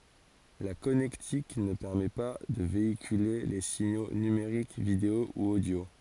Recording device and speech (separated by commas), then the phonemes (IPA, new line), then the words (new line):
forehead accelerometer, read sentence
la kɔnɛktik nə pɛʁmɛ pa də veikyle le siɲo nymeʁik video u odjo
La connectique ne permet pas de véhiculer les signaux numériques vidéo ou audio.